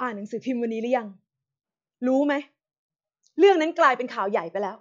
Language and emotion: Thai, angry